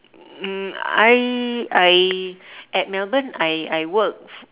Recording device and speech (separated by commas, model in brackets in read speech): telephone, conversation in separate rooms